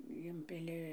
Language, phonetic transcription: Lithuanian, ˈimpili

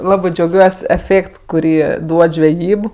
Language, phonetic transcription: Lithuanian, ˈlabɜ džiauˈgiuos' eˈfėkt kuˈrį ˈduod žveˈjyb

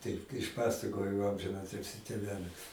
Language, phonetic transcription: Lithuanian, ˈtaip išˈpasakojo amžinˈatilsį tėˈvelis

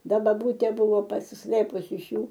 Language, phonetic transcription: Lithuanian, ˈda baˈbūtė ˈbūvo pasisˈlɘpus iš ˈjų

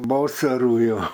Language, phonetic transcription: Lithuanian, ˈvosaru jo

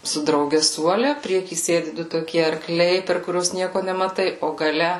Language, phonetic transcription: Lithuanian, su drauˈge ˈsuole ˈprieky ˈsėdi ˈdu toˈkie arˈkliai per kuˈriuos ˈnieko nemaˈtai o gaˈle

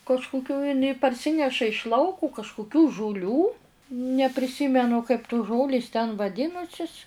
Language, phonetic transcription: Lithuanian, kažkuˈkių iˈnai parˈsineša iš ˈlauku kažkuˈkių žuˈlių nepriˈsymenu kaip tus ˈžolės ten vaˈdinusis

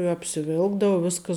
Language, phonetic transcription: Lithuanian, i apsiˈvilkdava ˈviskas

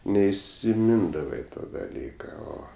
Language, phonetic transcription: Lithuanian, neisiˈmindavai ˈto daˈlyka ˈo

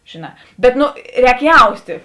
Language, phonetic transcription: Lithuanian, žėˈnā bet ˈnu ˈrēk ˈjaustė

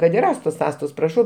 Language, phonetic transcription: Lithuanian, kad ir ˈastos ˈastos praˈšau

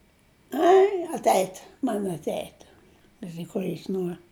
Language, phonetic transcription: Lithuanian, ˈai atˈeit' man atˈeit' ˈkaži ˈkuo jis ˈnuor

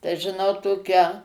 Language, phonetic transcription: Lithuanian, tai žiˈnau ˈtokią

